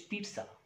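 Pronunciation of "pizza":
'Pizza' is pronounced correctly here.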